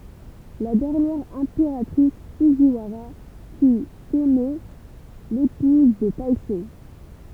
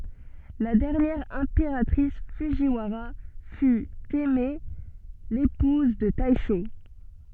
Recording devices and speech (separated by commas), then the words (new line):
temple vibration pickup, soft in-ear microphone, read sentence
La dernière impératrice Fujiwara fut Teimei, épouse de Taisho.